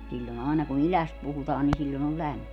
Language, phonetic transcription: Finnish, 'siĺĺon ‿àena ku"n ‿iläst 'puhutaan ni siĺĺon ‿ol "lämmi .
- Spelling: silloin aina kun idästä puhutaan niin silloin on lämmin

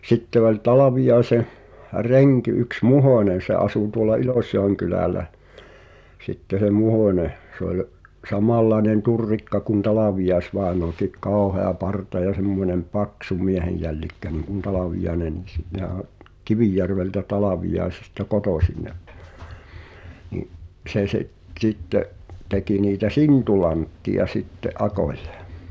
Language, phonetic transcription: Finnish, sitte oĺ 'Talavijai̬seh , 'reŋki yks "Muhòńen̬ se 'asù tuola "Ilòśjòeŋ'kylä̀lä , sitte se "Muhòńe , se ‿oĺ , "samallaĕnen 'turrikka kun 'Talavijaĕs'vàenoakiᵏ "kàohea 'parta ja 'semmońem "paksu 'miehejjällikkä niŋkun 'Talavijaĕnennis (sit nehä o-,) "Kivijärveltä 'Talavijai̬sista "kotòsin 'ne , ni’ , 'se se’ , t̳sitte’ , teki niitä "sintulantti₍a 'sitte’ '’akòɪ̀ʟᴇ .
- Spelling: sitten oli Talviaisen renki yksi Muhonen se asui tuolla Ilosjoenkylällä sitten se Muhonen se oli samanlainen turrikka kuin Talviais-vainajakin kauhea parta ja semmoinen paksu miehenjällikkä niin kuin Talviainenkin sitten nehän on Kivijärveltä Talviaisista kotoisin ne niin se se sitten teki niitä sintulantteja sitten akoille

